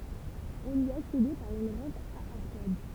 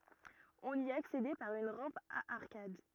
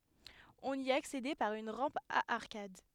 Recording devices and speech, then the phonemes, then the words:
temple vibration pickup, rigid in-ear microphone, headset microphone, read sentence
ɔ̃n i aksedɛ paʁ yn ʁɑ̃p a aʁkad
On y accédait par une rampe à arcades.

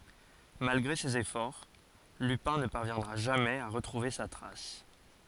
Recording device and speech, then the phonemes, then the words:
forehead accelerometer, read sentence
malɡʁe sez efɔʁ lypɛ̃ nə paʁvjɛ̃dʁa ʒamɛz a ʁətʁuve sa tʁas
Malgré ses efforts, Lupin ne parviendra jamais à retrouver sa trace.

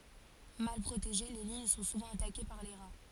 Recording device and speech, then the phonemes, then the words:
forehead accelerometer, read sentence
mal pʁoteʒe le liɲ sɔ̃ suvɑ̃ atake paʁ le ʁa
Mal protégées, les lignes sont souvent attaquées par les rats.

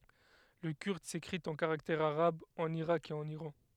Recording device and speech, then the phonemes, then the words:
headset microphone, read sentence
lə kyʁd sekʁit ɑ̃ kaʁaktɛʁz aʁabz ɑ̃n iʁak e ɑ̃n iʁɑ̃
Le kurde s'écrit en caractères arabes en Irak et en Iran.

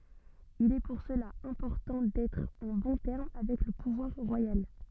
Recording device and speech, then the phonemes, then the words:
soft in-ear microphone, read sentence
il ɛ puʁ səla ɛ̃pɔʁtɑ̃ dɛtʁ ɑ̃ bɔ̃ tɛʁm avɛk lə puvwaʁ ʁwajal
Il est pour cela important d'être en bons termes avec le pouvoir royal.

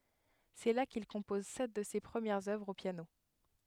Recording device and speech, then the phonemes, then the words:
headset microphone, read sentence
sɛ la kil kɔ̃pɔz sɛt də se pʁəmjɛʁz œvʁz o pjano
C'est là qu'il compose sept de ses premières œuvres au piano.

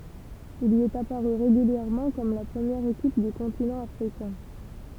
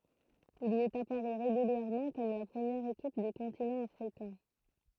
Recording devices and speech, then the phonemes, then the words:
temple vibration pickup, throat microphone, read sentence
il i ɛt apaʁy ʁeɡyljɛʁmɑ̃ kɔm la pʁəmjɛʁ ekip dy kɔ̃tinɑ̃ afʁikɛ̃
Il y est apparu régulièrement comme la première équipe du continent africain.

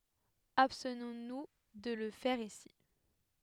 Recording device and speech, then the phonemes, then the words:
headset microphone, read sentence
abstnɔ̃ nu də lə fɛʁ isi
Abstenons nous de le faire ici.

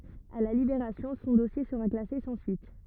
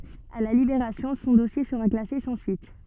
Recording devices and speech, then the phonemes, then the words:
rigid in-ear microphone, soft in-ear microphone, read sentence
a la libeʁasjɔ̃ sɔ̃ dɔsje səʁa klase sɑ̃ syit
À la Libération, son dossier sera classé sans suite.

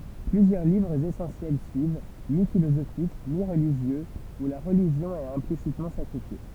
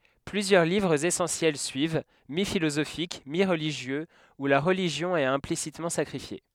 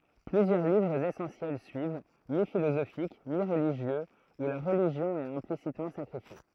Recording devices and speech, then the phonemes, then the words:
temple vibration pickup, headset microphone, throat microphone, read sentence
plyzjœʁ livʁz esɑ̃sjɛl syiv mifilozofik miʁliʒjøz u la ʁəliʒjɔ̃ ɛt ɛ̃plisitmɑ̃ sakʁifje
Plusieurs livres essentiels suivent, mi-philosophiques, mi-religieux, où la religion est implicitement sacrifiée.

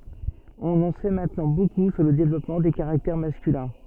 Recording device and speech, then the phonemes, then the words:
soft in-ear microphone, read sentence
ɔ̃n ɑ̃ sɛ mɛ̃tnɑ̃ boku syʁ lə devlɔpmɑ̃ de kaʁaktɛʁ maskylɛ̃
On en sait maintenant beaucoup sur le développement des caractères masculins.

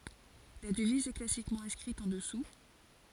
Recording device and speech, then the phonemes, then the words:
forehead accelerometer, read sentence
la dəviz ɛ klasikmɑ̃ ɛ̃skʁit ɑ̃ dəsu
La devise est classiquement inscrite en dessous.

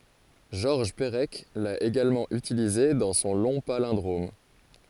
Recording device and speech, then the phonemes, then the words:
forehead accelerometer, read sentence
ʒɔʁʒ pəʁɛk la eɡalmɑ̃ ytilize dɑ̃ sɔ̃ lɔ̃ palɛ̃dʁom
Georges Perec l'a également utilisé dans son long palindrome.

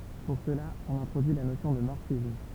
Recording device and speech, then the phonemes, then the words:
temple vibration pickup, read sentence
puʁ səla ɔ̃n ɛ̃tʁodyi la nosjɔ̃ də mɔʁfism
Pour cela, on introduit la notion de morphisme.

